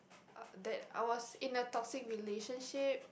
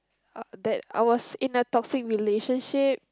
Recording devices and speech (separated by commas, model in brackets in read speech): boundary microphone, close-talking microphone, conversation in the same room